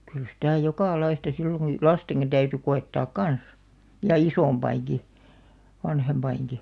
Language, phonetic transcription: Finnish, kyl sitä̀ "jokà'laista sillo (ku) , "lasteŋkin 'täyty 'ko₍ettaak "kans , 'ja "isòmpaiŋki , 'vanhempaiŋki .
- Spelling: kyllä sitä jokalaista silloin kun lastenkin täytyi koettaa kanssa ja isompienkin vanhempienkin

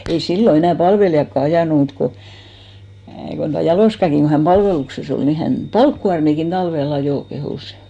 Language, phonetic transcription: Finnish, ei 'sillo enä̀ 'palvelijakka 'ajànu mut ko , kon tua 'Jalòskaki ku hän "palvelukse's ‿ol ni 'hän , "palkkuarmikin 'talvel ‿ajò , 'kehùs .
- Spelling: ei silloin enää palvelijatkaan ajanut mutta kun kun tuo Jaloskakin kun hän palveluksessa oli niin hän palkkikuormiakin talvella ajoi kehui

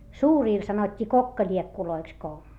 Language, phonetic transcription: Finnish, suuriil sanot́t́ii kokkaĺiekkuloiks ko ,.
- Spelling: suurille sanottiin kokkaliekuiksi kun

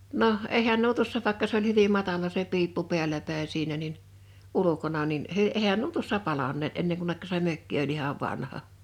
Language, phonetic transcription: Finnish, 'noh , 'eihän nuo 'tuossa 'vàᵉkka s ‿oĺ 'hyvim̆ 'matala se 'piippu 'pḙäl̆lä pä̀in̬ 'siinä nin , 'ulukona nin , "ehän nuo tuossa 'palan̆neet 'enneŋ kunnekka se 'mökki oĺ 'ihav 'vanha .
- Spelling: no eihän nuo tuossa vaikka se oli hyvin matala se piippu päällä päin siinä niin ulkona niin eihän nuo tuossa palaneet ennen kunne se mökki oli ihan vanha

